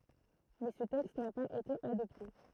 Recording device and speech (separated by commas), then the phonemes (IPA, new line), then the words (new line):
throat microphone, read sentence
mɛ sə tɛkst na paz ete adɔpte
Mais ce texte n'a pas été adopté.